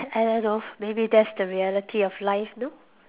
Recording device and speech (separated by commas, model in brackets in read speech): telephone, conversation in separate rooms